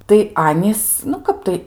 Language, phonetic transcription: Lithuanian, tai ˈanys nu ˈkap tai

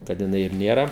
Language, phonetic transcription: Lithuanian, kad jiˈnai ir nėˈra

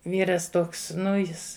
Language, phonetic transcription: Lithuanian, ˈvyras ˈtoks ˈnu ˈjis

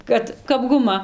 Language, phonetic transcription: Lithuanian, ˈkad kap guˈma

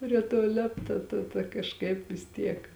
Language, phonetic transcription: Lithuanian, prie ˈto ˈlėpta ˈta ta kažˈkaip vis ˈtiek

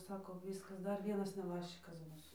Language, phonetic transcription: Lithuanian, ˈsako ˈviskas ˈdar ˈvienas neˈbaščikas ˈbus

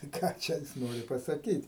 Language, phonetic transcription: Lithuanian, tai ˈką čia ˈjis ˈnori pasaˈkyt'

